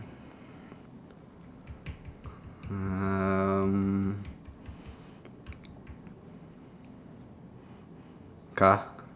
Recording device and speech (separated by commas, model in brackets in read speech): standing microphone, conversation in separate rooms